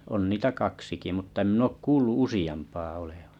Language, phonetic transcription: Finnish, on niitä 'kaksiki mutta 'em 'min ‿ok 'kuullu "usi₍ampaa olevᴀ .
- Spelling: on niitä kaksikin mutta en minä ole kuullut useampaa olevan

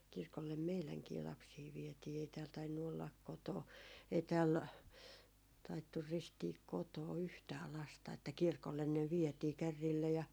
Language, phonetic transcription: Finnish, kirkollem "meiläŋkii 'lapsii viɛtii ei tääl tainnu ollak koto- , ei tääl , taittur 'ristiik 'kotoo "yhtää 'lasta että 'kirkollen ne 'vietii 'kärriillä ja ,.
- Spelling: kirkolle meidänkin lapsia vietiin ei täällä tainnut olla - ei täällä taidettu ristiä kotona yhtään lasta että kirkolle ne vietiin kärreillä ja

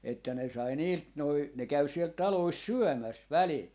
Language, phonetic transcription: Finnish, että ne 'sai "niilt noi , ne 'käy siel "talois "syɔ̈̀mäs 'välil .
- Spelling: että ne sai niiltä nuo ne käy siellä taloissa syömässä välillä

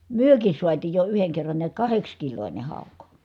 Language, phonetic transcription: Finnish, myökis suatiij jo yheŋ kerran niät kahekskilońe hàuk .
- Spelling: mekin saatiin jo yhden kerran näet kahdeksankiloinen hauki

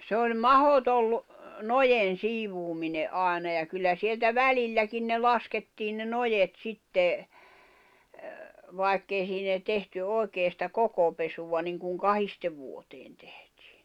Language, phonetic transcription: Finnish, se oĺ "mahotol , "nojen̬ "siivuumine’ '’ài̬na ja 'kyllä sieltä "välilläkin ne "laskettiin ne 'nojet 'sitte , 'vài̬kk ‿ei siin ‿ei 'tehty 'òi̬kee sⁱtä 'kokopesuva niŋkuŋ "kahiste vuoteen tᴇhtɪɪ .
- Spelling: se oli mahdoton noiden siivoaminen aina ja kyllä sieltä välilläkin ne laskettiin ne noet sitten vaikka ei siinä ei tehty oikein sitä kokopesua niin kuin kahdesti vuoteen tehtiin

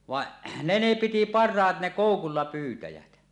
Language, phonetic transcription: Finnish, vaˀ , 'ne ne piti "par̆raat ne "kòukulla 'pyytäjät .
- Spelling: vaan ne ne piti parhaat ne koukulla pyytäjät

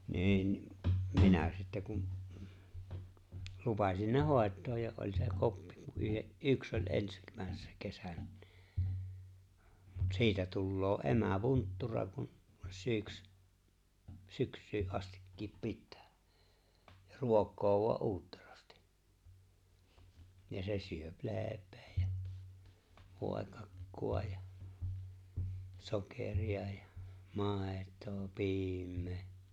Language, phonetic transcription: Finnish, 'ni̬i̬n , 'minä̀ sittä 'kum , 'lupasin ne ''hòet̆too ja oĺ se ''’oppi ku yhe’ , "’yks oĺ '’ens- , -mä̀essä 'kesä(nä) nɪ , mut 'siitä 'tulloo "’emä "vunttura kun , 'sỳks- 'syks̀yy’ '’astikkiip 'pittᴀ̈ᴀ̈ , ja 'ruok̀̆̆koo voa’ "’uutterasti , 'ja se syöp 'leep̀ᴇᴇ ᴊᴀ̈ , 'vòekakku₍a ja , 'sokèri₍a ᴊᴀ , 'màet̀oo 'piim̆mee .
- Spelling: niin minä sitten kun lupasin ne hoitaa ja oli se oppi kun yhden yksi oli - ensimmäisenä kesänä niin mutta siitä tulee emä vunttura kun - syksyyn astikin pitää ja ruokkii vain uutterasti ja se syö leipää ja voikakkua ja sokeria ja maitoa piimää

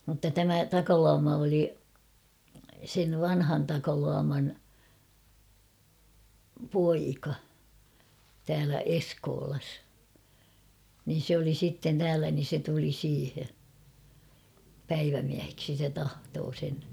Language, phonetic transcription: Finnish, mutta 'tämä "Takaluama oli , sev 'vanhan Takaluaman , "poika , täälä "Eskoolas , nin̬ sᵉ ‿oli sitten 'täälä nin̬ se tuli 'siihe , "päivämiäheksi se 'tahtoo sen .
- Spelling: mutta tämä Takaluoma oli sen vanhan Takaluoman poika täällä Eskolassa niin se oli sitten täällä niin se tuli siihen päivämieheksi se tahtoi sen

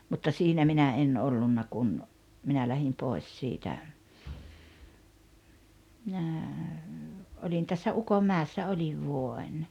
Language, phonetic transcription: Finnish, mutta 'siinä minä 'en 'ollunna kun , 'minä 'lähim 'pòes siitä , minä , 'oĺin tässä "Ukom'määᵉessa 'oĺiv 'vuo₍en .
- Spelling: mutta siinä minä en ollut kun minä lähdin pois siitä minä olin tässä Ukonmäessä olin vuoden

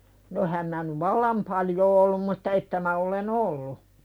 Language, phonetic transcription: Finnish, no 'ehäm mää nyv "vallam paljoo ollum mutta 'että mä ole"n ‿ollu .
- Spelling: no enhän minä nyt vallan paljoa ollut mutta että minä olen ollut

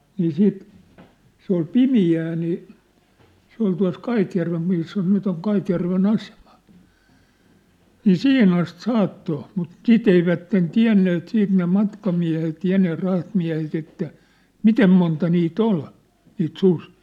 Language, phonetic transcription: Finnish, nii 'siit , se ‿ol "pimi₍ää nii , 'se ‿ol tua̭s "Kaitjärvem missä 'nyt ‿oŋ 'Kaitjärve'n ‿aseᴍᴀ , nii "sihin ‿ast "saatto , mut "sit ‿eivätten "tiä̭nneet 'siit ne 'matkamiä̭het 'ja ne 'rahtmiä̭het ‿että , "mitem monta nii't ‿ol , niit 'susɪɪ .
- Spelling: niin sitten se oli pimeää niin se oli tuossa Kaitjärven missä nyt on Kaitjärven asema niin siihen asti saattoi mutta sitä eivät tienneet sitten ne matkamiehet ja ne rahtimiehet että miten monta niitä oli niitä susia

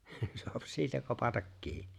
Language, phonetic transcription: Finnish, soap "siitä 'kopatak "kiinɪ .
- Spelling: saa siitä kopata kiinni

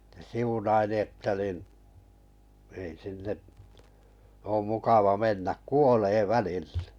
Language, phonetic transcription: Finnish, (ne) 'siunaili 'etta nìn , » ei sinne’ , oom 'mukava 'mennä , "kuolee 'välillᴇ « .
- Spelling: se siunaili että niin ei sinne ole mukava mennä kuolee välille

